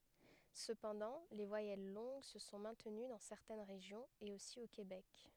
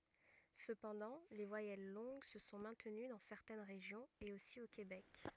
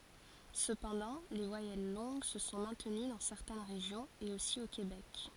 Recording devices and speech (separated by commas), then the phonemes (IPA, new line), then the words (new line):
headset microphone, rigid in-ear microphone, forehead accelerometer, read sentence
səpɑ̃dɑ̃ le vwajɛl lɔ̃ɡ sə sɔ̃ mɛ̃təny dɑ̃ sɛʁtɛn ʁeʒjɔ̃z e osi o kebɛk
Cependant les voyelles longues se sont maintenues dans certaines régions et aussi au Québec.